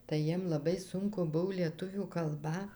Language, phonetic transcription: Lithuanian, tai ˈjiem laˈbai ˈsunku ˈbuv lieˈtuvių kalˈba

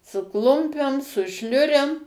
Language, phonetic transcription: Lithuanian, su ˈklumpem su ˈšliurem

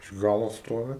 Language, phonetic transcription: Lithuanian, iš ˈgalo ˈstovi

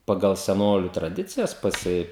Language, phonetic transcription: Lithuanian, paˈgal seˈnoliu traˈdicijas paˈsi

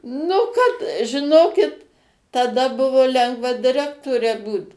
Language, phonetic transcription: Lithuanian, ˈnu kad žiˈnokit taˈda ˈbuvo ˈlengva diˈrektore ˈbūt

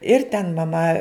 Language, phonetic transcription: Lithuanian, ir ten maˈma

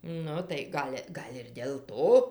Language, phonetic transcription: Lithuanian, ˈnu tai ˈgal' ˈgal' ir dėl ˈto

